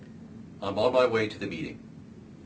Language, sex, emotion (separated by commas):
English, male, neutral